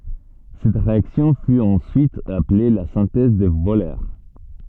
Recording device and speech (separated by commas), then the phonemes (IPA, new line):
soft in-ear microphone, read sentence
sɛt ʁeaksjɔ̃ fy ɑ̃syit aple la sɛ̃tɛz də vølœʁ